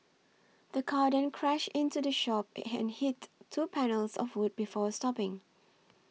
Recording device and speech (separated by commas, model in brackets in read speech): mobile phone (iPhone 6), read sentence